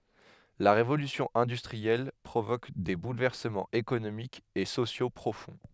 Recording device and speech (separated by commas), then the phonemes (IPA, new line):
headset microphone, read sentence
la ʁevolysjɔ̃ ɛ̃dystʁiɛl pʁovok de bulvɛʁsəmɑ̃z ekonomikz e sosjo pʁofɔ̃